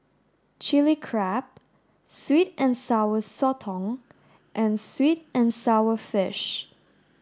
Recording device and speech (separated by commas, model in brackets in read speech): standing microphone (AKG C214), read sentence